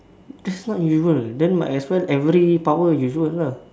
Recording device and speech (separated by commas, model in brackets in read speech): standing microphone, conversation in separate rooms